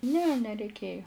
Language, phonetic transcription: Lithuanian, ne nereiˈkėjo

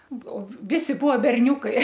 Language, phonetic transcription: Lithuanian, o ˈvisi ˈbuo berˈniūkai

